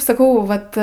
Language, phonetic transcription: Lithuanian, saˈkau ˈvat

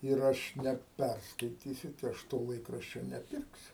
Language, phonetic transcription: Lithuanian, ir ˈaš neˈperskaitysiu tai ˈaš to ˈlaikraščio neˈpirksiu

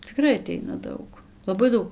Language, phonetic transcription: Lithuanian, ciˈkrai aˈteina ˈdaug laˈbai ˈdaug

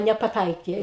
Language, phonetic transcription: Lithuanian, nepaˈtaikė

